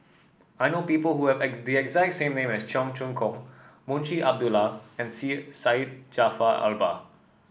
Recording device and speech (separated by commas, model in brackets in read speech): boundary microphone (BM630), read sentence